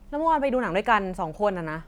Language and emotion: Thai, frustrated